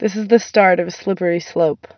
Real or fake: real